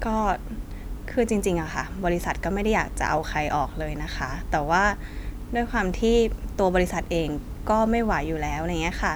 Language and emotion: Thai, neutral